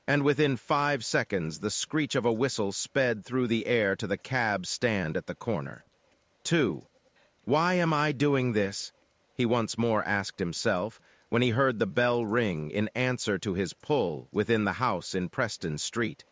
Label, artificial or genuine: artificial